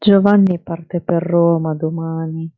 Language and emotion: Italian, sad